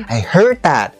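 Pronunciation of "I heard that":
In 'I heard that', the stress falls on 'heard'.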